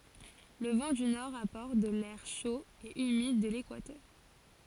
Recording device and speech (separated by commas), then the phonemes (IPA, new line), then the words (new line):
forehead accelerometer, read sentence
lə vɑ̃ dy nɔʁ apɔʁt də lɛʁ ʃo e ymid də lekwatœʁ
Le vent du nord apporte de l'air chaud et humide de l'équateur.